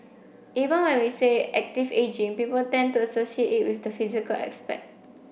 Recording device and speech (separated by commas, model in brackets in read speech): boundary microphone (BM630), read sentence